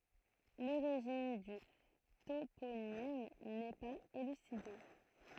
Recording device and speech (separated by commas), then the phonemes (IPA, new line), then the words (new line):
throat microphone, read sentence
loʁiʒin dy toponim nɛ paz elyside
L'origine du toponyme n'est pas élucidée.